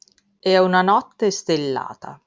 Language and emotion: Italian, neutral